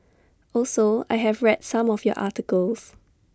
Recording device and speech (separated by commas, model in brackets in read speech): standing microphone (AKG C214), read sentence